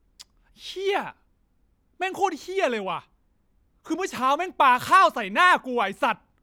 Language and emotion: Thai, angry